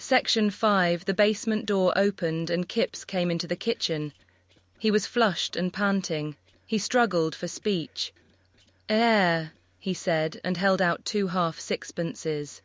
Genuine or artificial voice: artificial